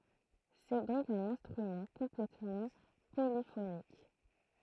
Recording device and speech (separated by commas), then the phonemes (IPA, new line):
throat microphone, read sentence
sɛ dɔ̃k œ̃n ɛ̃stʁymɑ̃ kɔ̃plɛtmɑ̃ polifonik